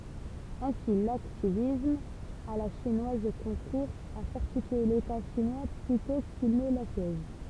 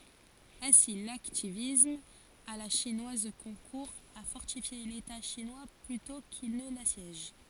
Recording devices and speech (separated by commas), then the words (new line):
temple vibration pickup, forehead accelerometer, read sentence
Ainsi l’hacktivisme à la chinoise concourt à fortifier l’État chinois plutôt qu’il ne l’assiège.